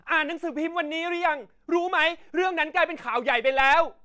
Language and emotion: Thai, angry